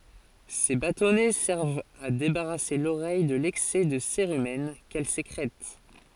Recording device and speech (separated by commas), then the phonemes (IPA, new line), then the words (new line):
forehead accelerometer, read sentence
se batɔnɛ sɛʁvt a debaʁase loʁɛj də lɛksɛ də seʁymɛn kɛl sekʁɛt
Ces bâtonnets servent à débarrasser l'oreille de l'excès de cérumen qu'elle sécrète.